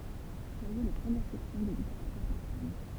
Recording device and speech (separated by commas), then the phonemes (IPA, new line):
temple vibration pickup, read sentence
vwaje le pʁəmjɛʁ sɛksjɔ̃ də liteʁatyʁ pɛʁsan